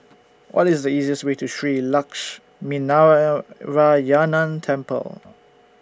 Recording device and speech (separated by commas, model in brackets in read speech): standing microphone (AKG C214), read sentence